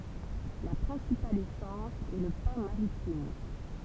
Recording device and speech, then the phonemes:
temple vibration pickup, read sentence
la pʁɛ̃sipal esɑ̃s ɛ lə pɛ̃ maʁitim

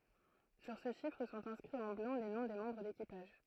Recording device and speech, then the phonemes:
throat microphone, read sentence
syʁ sə ʃifʁ sɔ̃t ɛ̃skʁiz ɑ̃ blɑ̃ le nɔ̃ de mɑ̃bʁ dekipaʒ

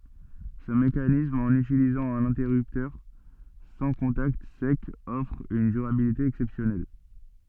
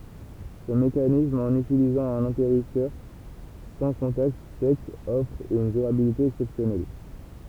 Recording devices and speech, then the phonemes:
soft in-ear microphone, temple vibration pickup, read sentence
sə mekanism ɑ̃n ytilizɑ̃ œ̃n ɛ̃tɛʁyptœʁ sɑ̃ kɔ̃takt sɛkz ɔfʁ yn dyʁabilite ɛksɛpsjɔnɛl

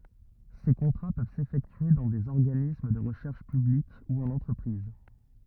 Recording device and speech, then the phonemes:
rigid in-ear microphone, read sentence
se kɔ̃tʁa pøv sefɛktye dɑ̃ dez ɔʁɡanism də ʁəʃɛʁʃ pyblik u ɑ̃n ɑ̃tʁəpʁiz

